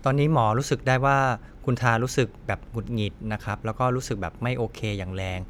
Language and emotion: Thai, neutral